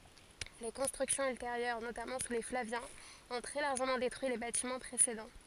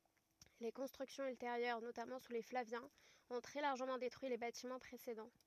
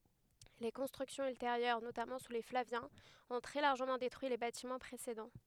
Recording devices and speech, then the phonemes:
forehead accelerometer, rigid in-ear microphone, headset microphone, read sentence
le kɔ̃stʁyksjɔ̃z ylteʁjœʁ notamɑ̃ su le flavjɛ̃z ɔ̃ tʁɛ laʁʒəmɑ̃ detʁyi le batimɑ̃ pʁesedɑ̃

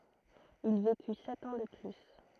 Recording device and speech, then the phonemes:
throat microphone, read sentence
il veky sɛt ɑ̃ də ply

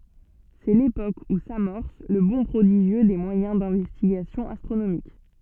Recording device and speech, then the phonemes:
soft in-ear microphone, read sentence
sɛ lepok u samɔʁs lə bɔ̃ pʁodiʒjø de mwajɛ̃ dɛ̃vɛstiɡasjɔ̃ astʁonomik

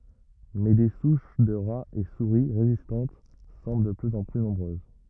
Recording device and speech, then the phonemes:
rigid in-ear microphone, read sentence
mɛ de suʃ də ʁaz e suʁi ʁezistɑ̃t sɑ̃bl də plyz ɑ̃ ply nɔ̃bʁøz

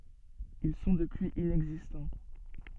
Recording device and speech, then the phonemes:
soft in-ear microphone, read sentence
il sɔ̃ dəpyiz inɛɡzistɑ̃

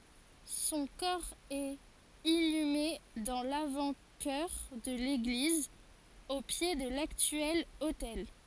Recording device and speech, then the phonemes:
forehead accelerometer, read sentence
sɔ̃ kɔʁ ɛt inyme dɑ̃ lavɑ̃tʃœʁ də leɡliz o pje də laktyɛl otɛl

